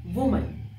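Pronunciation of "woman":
'Woman' is pronounced correctly here.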